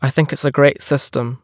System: none